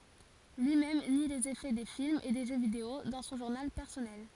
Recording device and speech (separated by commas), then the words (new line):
forehead accelerometer, read sentence
Lui-même nie les effets des films et des jeux vidéo dans son journal personnel.